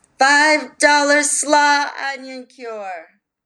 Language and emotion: English, fearful